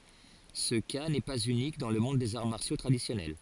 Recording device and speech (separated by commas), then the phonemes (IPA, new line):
forehead accelerometer, read sentence
sə ka nɛ paz ynik dɑ̃ lə mɔ̃d dez aʁ maʁsjo tʁadisjɔnɛl